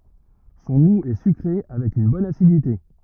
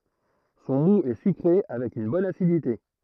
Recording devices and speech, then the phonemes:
rigid in-ear microphone, throat microphone, read sentence
sɔ̃ mu ɛ sykʁe avɛk yn bɔn asidite

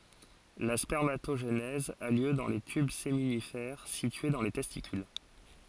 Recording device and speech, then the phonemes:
forehead accelerometer, read sentence
la spɛʁmatoʒenɛz a ljø dɑ̃ le tyb seminifɛʁ sitye dɑ̃ le tɛstikyl

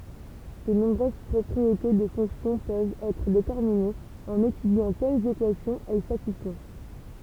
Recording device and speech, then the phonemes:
temple vibration pickup, read sentence
də nɔ̃bʁøz pʁɔpʁiete də fɔ̃ksjɔ̃ pøvt ɛtʁ detɛʁminez ɑ̃n etydjɑ̃ kɛlz ekwasjɔ̃z ɛl satisfɔ̃

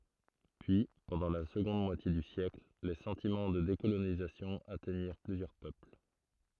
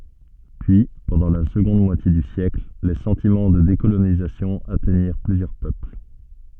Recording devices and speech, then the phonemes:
throat microphone, soft in-ear microphone, read sentence
pyi pɑ̃dɑ̃ la səɡɔ̃d mwatje dy sjɛkl le sɑ̃timɑ̃ də dekolonizasjɔ̃ atɛɲiʁ plyzjœʁ pøpl

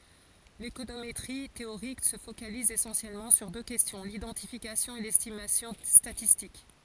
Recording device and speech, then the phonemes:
forehead accelerometer, read sentence
lekonometʁi teoʁik sə fokaliz esɑ̃sjɛlmɑ̃ syʁ dø kɛstjɔ̃ lidɑ̃tifikasjɔ̃ e lɛstimasjɔ̃ statistik

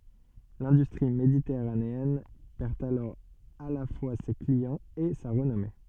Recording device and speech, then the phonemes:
soft in-ear microphone, read sentence
lɛ̃dystʁi meditɛʁaneɛn pɛʁ alɔʁ a la fwa se kliɑ̃z e sa ʁənɔme

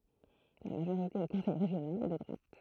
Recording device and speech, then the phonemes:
throat microphone, read sentence
la maʒoʁite o kɔ̃sɛj ʁeʒjonal ɛ də dʁwat

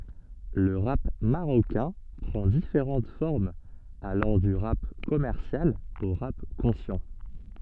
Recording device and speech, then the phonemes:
soft in-ear microphone, read sentence
lə ʁap maʁokɛ̃ pʁɑ̃ difeʁɑ̃t fɔʁmz alɑ̃ dy ʁap kɔmɛʁsjal o ʁap kɔ̃sjɑ̃

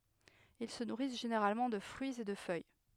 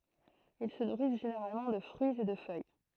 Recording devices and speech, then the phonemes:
headset microphone, throat microphone, read sentence
il sə nuʁis ʒeneʁalmɑ̃ də fʁyiz e də fœj

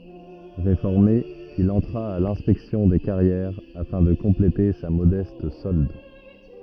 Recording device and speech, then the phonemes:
rigid in-ear microphone, read sentence
ʁefɔʁme il ɑ̃tʁa a lɛ̃spɛksjɔ̃ de kaʁjɛʁ afɛ̃ də kɔ̃plete sa modɛst sɔld

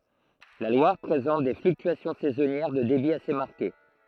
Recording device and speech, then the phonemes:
throat microphone, read sentence
la lwaʁ pʁezɑ̃t de flyktyasjɔ̃ sɛzɔnjɛʁ də debi ase maʁke

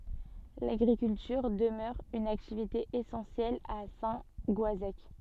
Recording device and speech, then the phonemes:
soft in-ear microphone, read sentence
laɡʁikyltyʁ dəmœʁ yn aktivite esɑ̃sjɛl a sɛ̃ ɡɔazɛk

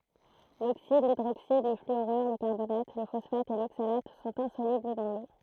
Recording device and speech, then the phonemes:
throat microphone, read sentence
loksid lidʁoksid lə flyoʁyʁ lə kaʁbonat lə fɔsfat e loksalat sɔ̃t ɛ̃solybl dɑ̃ lo

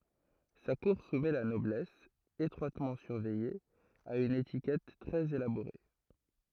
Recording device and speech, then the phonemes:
throat microphone, read sentence
sa kuʁ sumɛ la nɔblɛs etʁwatmɑ̃ syʁvɛje a yn etikɛt tʁɛz elaboʁe

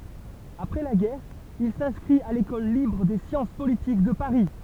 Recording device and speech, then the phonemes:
temple vibration pickup, read sentence
apʁɛ la ɡɛʁ il sɛ̃skʁit a lekɔl libʁ de sjɑ̃s politik də paʁi

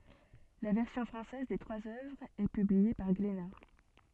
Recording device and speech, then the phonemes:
soft in-ear microphone, read sentence
la vɛʁsjɔ̃ fʁɑ̃sɛz de tʁwaz œvʁz ɛ pyblie paʁ ɡlena

